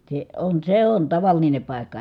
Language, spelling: Finnish, se on se on tavallinen paikka
- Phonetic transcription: se on see on tavaline pài̮kka .

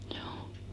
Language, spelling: Finnish, juu
- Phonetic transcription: hjouu .

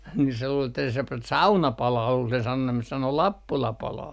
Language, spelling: Finnish, niin se luuli että se - sauna palaa kuuli sen sanoneen sanoi Lappula palaa
- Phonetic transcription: ni se luul ‿että se p - "sauna 'palaa kuul sen sanonneen sano » "Lappula 'palaa » .

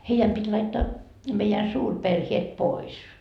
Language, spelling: Finnish, heidän piti laittaa meidän suurperheet pois
- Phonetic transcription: 'heijäm pit́ laittaa , meijän 'suurperhiet "pois .

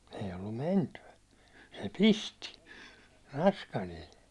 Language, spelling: Finnish, ei ollut mentyä se pisti naskalilla
- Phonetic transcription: ei ollum "menty₍ä , se "pisti , 'naskalil .

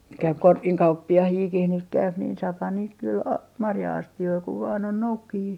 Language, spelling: Finnish, nyt käy - korkinkauppiaitakin nyt käy niin saahan niitä kyllä - marja-astioita kun vain on noukkijoita
- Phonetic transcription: nyt käyp 'korkiŋ - kauppi₍ahiikih nyt käyp niin saaphan niit kyl a- , 'marja₍asti₍oi kuv vaan ‿on 'noukkijii .

